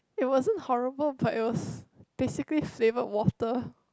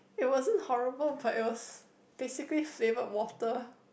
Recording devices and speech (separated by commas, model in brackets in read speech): close-talking microphone, boundary microphone, conversation in the same room